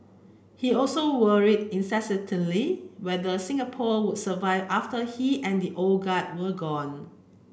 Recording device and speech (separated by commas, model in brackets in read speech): boundary microphone (BM630), read sentence